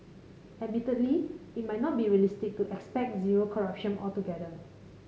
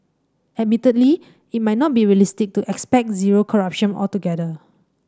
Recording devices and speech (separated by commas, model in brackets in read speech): mobile phone (Samsung C5010), standing microphone (AKG C214), read sentence